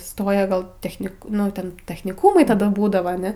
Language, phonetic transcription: Lithuanian, ˈstoja ˈgal techˈnik ˈnu ten techniˈkūmai taˈda ˈbūdava aˈne

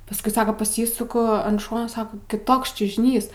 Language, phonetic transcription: Lithuanian, pasˈkui ˈsaka paˈsysuku an ˈšono ˈsako kiˈtoks čiužiˈnys

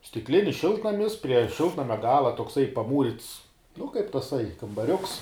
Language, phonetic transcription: Lithuanian, stikˈlinis ˈšiltnamis prie ˈšiltnamia ˈgala tokˈsai paˈmūrits nu kaip taˈsai kambaˈriuks

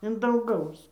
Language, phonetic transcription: Lithuanian, in danˈgaus

